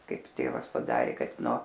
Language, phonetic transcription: Lithuanian, ˈkaip ˈtėvas paˈdarė ˈkad no

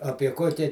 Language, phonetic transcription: Lithuanian, ˈapie ˈkokia

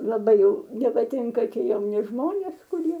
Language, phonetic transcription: Lithuanian, laˈbai jau nepaˈtinka ˈtie jauˈni ˈžmonės kuˈrie

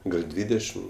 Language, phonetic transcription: Lithuanian, gal ˈdvydešim

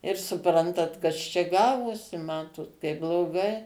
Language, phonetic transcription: Lithuanian, ir suˈprantat ˈkas čia ˈgavosi ˈmatot kaip bloˈgai

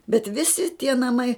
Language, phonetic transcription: Lithuanian, bet ˈvisi tie naˈmai

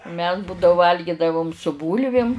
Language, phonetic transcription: Lithuanian, mes būdau ˈvalgidavum su ˈbūlvim

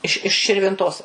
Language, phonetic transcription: Lithuanian, iš iš širvinˈtos

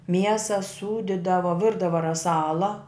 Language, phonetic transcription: Lithuanian, ˈmiesa ˈsūdidavo ˈvirdavo raˈsala

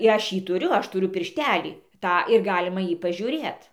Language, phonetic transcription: Lithuanian, i ˈaš ˈjį tuˈriu ˈaš tuˈriu pirˈštelį ˈtą ir ˈgalima ˈjį pažiūˈrėt

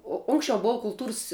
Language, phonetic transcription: Lithuanian, o ˈunksčiau ˈbou kulˈtūrs

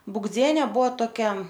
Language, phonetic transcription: Lithuanian, bugˈdziene ˈbuo toˈkia

